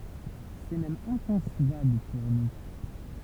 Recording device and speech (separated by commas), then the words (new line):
temple vibration pickup, read sentence
C’est même inconcevable pour nous.